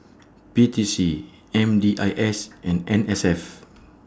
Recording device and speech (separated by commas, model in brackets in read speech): standing microphone (AKG C214), read sentence